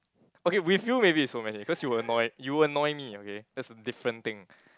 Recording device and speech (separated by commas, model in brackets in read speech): close-talking microphone, conversation in the same room